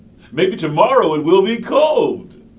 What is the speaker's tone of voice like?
happy